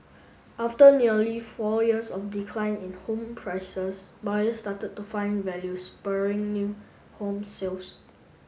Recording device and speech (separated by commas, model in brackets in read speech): mobile phone (Samsung S8), read sentence